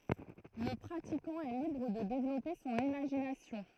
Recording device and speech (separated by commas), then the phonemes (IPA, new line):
throat microphone, read sentence
lə pʁatikɑ̃ ɛ libʁ də devlɔpe sɔ̃n imaʒinasjɔ̃